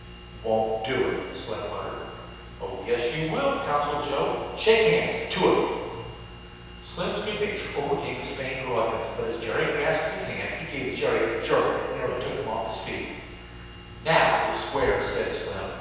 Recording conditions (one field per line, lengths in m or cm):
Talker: one person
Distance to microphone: 7.1 m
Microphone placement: far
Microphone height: 1.7 m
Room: very reverberant, large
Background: none